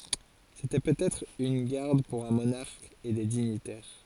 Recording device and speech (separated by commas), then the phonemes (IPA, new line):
forehead accelerometer, read sentence
setɛ pøtɛtʁ yn ɡaʁd puʁ œ̃ monaʁk e de diɲitɛʁ